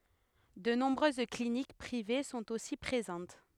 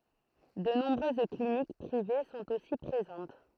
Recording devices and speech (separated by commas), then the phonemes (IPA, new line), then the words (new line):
headset microphone, throat microphone, read sentence
də nɔ̃bʁøz klinik pʁive sɔ̃t osi pʁezɑ̃t
De nombreuses cliniques privées sont aussi présentes.